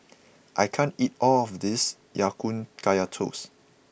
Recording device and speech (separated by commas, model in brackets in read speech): boundary microphone (BM630), read sentence